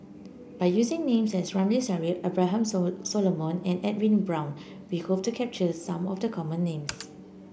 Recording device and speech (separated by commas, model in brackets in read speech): boundary microphone (BM630), read sentence